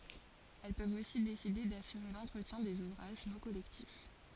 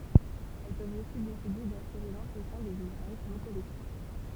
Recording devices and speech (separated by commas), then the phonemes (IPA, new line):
forehead accelerometer, temple vibration pickup, read sentence
ɛl pøvt osi deside dasyʁe lɑ̃tʁətjɛ̃ dez uvʁaʒ nɔ̃ kɔlɛktif